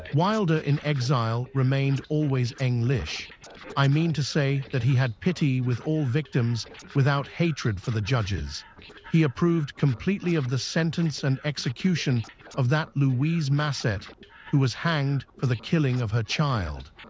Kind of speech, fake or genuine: fake